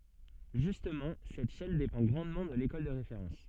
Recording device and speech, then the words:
soft in-ear microphone, read sentence
Justement, cette chaîne dépend grandement de l'école de référence.

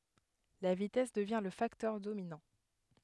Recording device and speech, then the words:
headset microphone, read sentence
La vitesse devient le facteur dominant.

